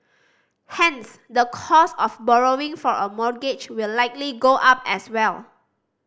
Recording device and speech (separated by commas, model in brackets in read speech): standing microphone (AKG C214), read sentence